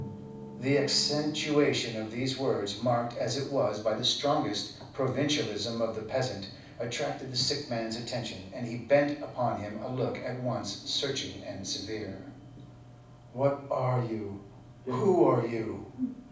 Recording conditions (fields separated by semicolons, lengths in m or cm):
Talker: one person; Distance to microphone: 5.8 m; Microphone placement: far; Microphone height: 1.8 m; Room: medium-sized (5.7 m by 4.0 m); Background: television